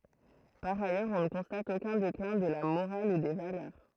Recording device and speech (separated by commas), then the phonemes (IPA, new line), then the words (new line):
throat microphone, read sentence
paʁ ajœʁz ɔ̃ nə kɔ̃stat okœ̃ deklɛ̃ də la moʁal u de valœʁ
Par ailleurs, on ne constate aucun déclin de la morale ou des valeurs.